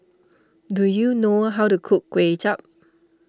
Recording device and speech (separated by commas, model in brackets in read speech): standing microphone (AKG C214), read sentence